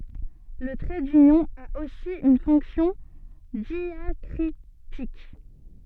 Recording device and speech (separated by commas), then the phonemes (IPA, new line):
soft in-ear microphone, read sentence
lə tʁɛ dynjɔ̃ a osi yn fɔ̃ksjɔ̃ djakʁitik